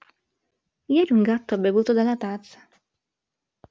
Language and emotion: Italian, neutral